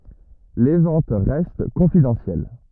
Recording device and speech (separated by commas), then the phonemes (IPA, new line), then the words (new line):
rigid in-ear microphone, read sentence
le vɑ̃t ʁɛst kɔ̃fidɑ̃sjɛl
Les ventes restent confidentielles.